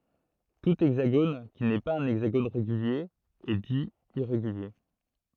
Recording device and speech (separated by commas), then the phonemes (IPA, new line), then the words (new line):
throat microphone, read sentence
tu ɛɡzaɡon ki nɛ paz œ̃ ɛɡzaɡon ʁeɡylje ɛ di iʁeɡylje
Tout hexagone qui n'est pas un hexagone régulier est dit irrégulier.